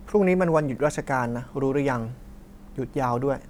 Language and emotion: Thai, neutral